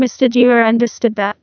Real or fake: fake